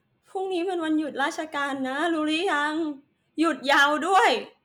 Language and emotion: Thai, sad